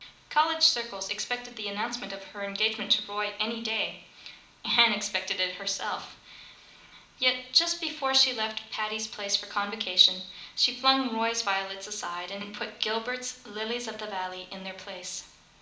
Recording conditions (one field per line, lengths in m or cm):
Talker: one person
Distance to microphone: 2.0 m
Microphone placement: close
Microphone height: 99 cm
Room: medium-sized (5.7 m by 4.0 m)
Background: none